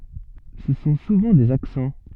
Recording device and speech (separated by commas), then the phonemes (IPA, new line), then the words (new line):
soft in-ear microphone, read sentence
sə sɔ̃ suvɑ̃ dez aksɑ̃
Ce sont souvent des accents.